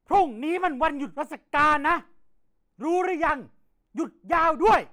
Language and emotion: Thai, angry